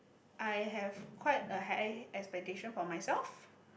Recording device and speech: boundary microphone, conversation in the same room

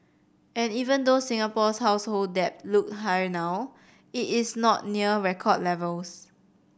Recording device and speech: boundary microphone (BM630), read sentence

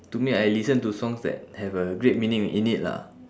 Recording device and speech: standing microphone, conversation in separate rooms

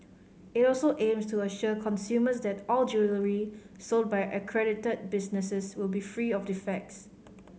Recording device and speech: mobile phone (Samsung C5010), read sentence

